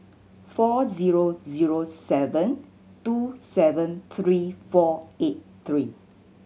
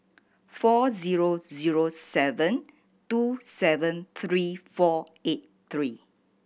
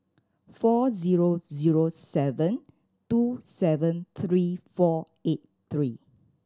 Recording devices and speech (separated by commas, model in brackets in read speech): mobile phone (Samsung C7100), boundary microphone (BM630), standing microphone (AKG C214), read sentence